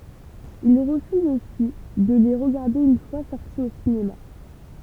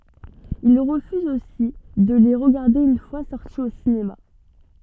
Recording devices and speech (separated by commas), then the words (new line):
temple vibration pickup, soft in-ear microphone, read sentence
Il refuse aussi de les regarder une fois sortis au cinéma.